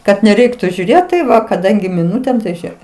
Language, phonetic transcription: Lithuanian, kad neˈreiktu žiūˈrėt tai ˈva kaˈdangi miˈnutėm tai ˈžėk

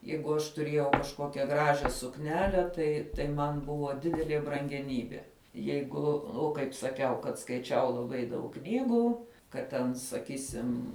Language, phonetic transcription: Lithuanian, ˈjeigu aš tuˈriejau kažˈkokia ˈgražia sukˈnele tai tai ˈman ˈbuvo ˈdidelie brangeˈnybie ˈjeigu ˈu kaip saˈkiau kad skaiˈčiau laˈbai daug ˈknygų kad ˈten saˈkysim

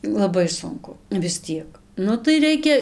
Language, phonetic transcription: Lithuanian, laˈbai ˈsunku vis ˈtiek ˈnu tai ˈreikia

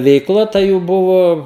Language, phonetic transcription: Lithuanian, veikˈla ta ˈjų ˈbuvo

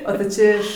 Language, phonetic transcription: Lithuanian, o tai ˈčia iš

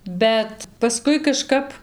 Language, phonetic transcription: Lithuanian, ˈbet paˈskui kaˈžkap

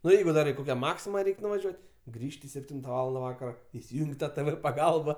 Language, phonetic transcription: Lithuanian, nu ˈjeigu ˈdar i ˈkokia ˈmaksima ˈreik' nuvaˈžiuot' ˈgrįžti sepˈtinta ˈvalanda ˈvakaro isiˈjūng' ˈtą tɘ vɘ paˈgalba

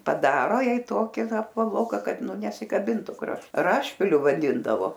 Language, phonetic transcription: Lithuanian, paˈdaro ˈjai ˈtoki ˈva apvaˈloka ˈkad ˈnu nesikaˈbintu kraš ˈrašpiliu vaˈdindavo

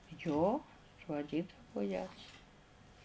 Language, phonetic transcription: Lithuanian, jo suaˈdydavu jas

